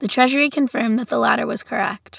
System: none